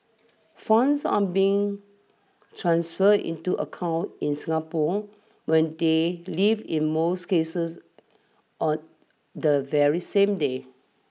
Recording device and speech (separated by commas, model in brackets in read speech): mobile phone (iPhone 6), read sentence